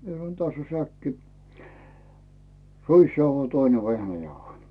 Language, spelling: Finnish, minä sanoin tässä on säkki ruisjauhoja toinen vehnäjauhoja
- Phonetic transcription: mie sanᵒn » täss ‿o 'säkki , "ruisjauhoi 'toine "vehnäjauhoi « .

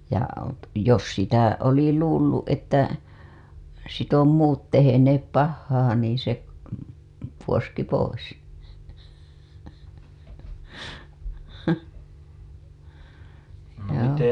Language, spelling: Finnish, ja jos sitä oli luullut että sitten on muut tehneet pahaa niin se puoski pois joo
- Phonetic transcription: ja , jos sitä , oli luulluˀ ˀettä , sit ‿om muut teheneep pahhaa niin̬ se , puoski 'pois , , joo .

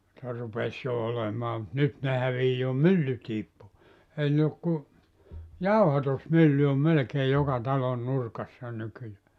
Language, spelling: Finnish, niitä rupesi jo olemaan mutta nyt ne häviää myllytkin pois eihän ne ole kun jauhatusmylly on melkein joka talon nurkassa nykyään
- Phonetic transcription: [nii]tä 'rupes jo 'olemaa mut 'nyt ne 'hävii "myllytiip po[is] 'ehän ne ok ku , "jauhatusmylly om 'melᵉkee 'joka 'talon 'nurkassa 'nykyjää .

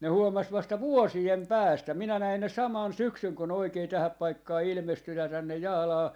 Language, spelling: Finnish, ne huomasi vasta vuosien päästä minä näin ne samana syksynä kun ne oikein tähän paikkaan ilmestynyt tänne Jaalaan
- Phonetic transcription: ne 'huomas vasta "vuosi₍em "päästä , 'minä 'näin ne "saman "syksyŋ ko ne oikee 'tähäp 'paikkaa 'ilmestynä tänne 'Jaalaa , .

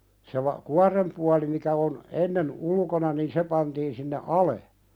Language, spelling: Finnish, se - kuoren puoli mikä on ennen ulkona niin se pantiin sinne alas
- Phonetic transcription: se va- "kuarem 'puali mikä on , "ennen 'ulkona niin "se pantiin sinne "ale .

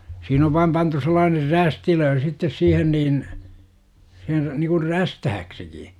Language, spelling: Finnish, siinä on vain pantu sellainen rästilöin sitten siihen niin se niin kuin räystääksikin
- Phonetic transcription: siin ‿ov vaim 'pantu sel̆laaner "rästilöö sittes 'siihen niin , se , nikur "rästähäksiki .

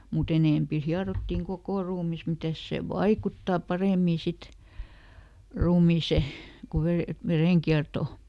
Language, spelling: Finnish, mutta enempi hierottiin koko ruumis mitäs se vaikuttaa paremmin sitten ruumiiseen kun - verenkiertoon
- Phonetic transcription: muˈt ‿enèmpi ˈhiarottiŋ "kokò ruumis ˈmitäs ˈsè "vaikuttà ˈparèmì ˈsit , ˈruumiise , ku ve- , ˈvereŋkiartò .

